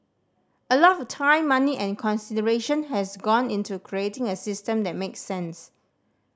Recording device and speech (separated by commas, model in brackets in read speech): standing microphone (AKG C214), read sentence